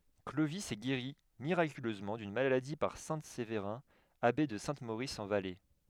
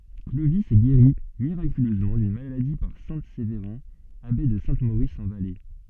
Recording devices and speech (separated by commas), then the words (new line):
headset microphone, soft in-ear microphone, read sentence
Clovis est guéri miraculeusement d'une maladie par saint Séverin, abbé de Saint-Maurice en Valais.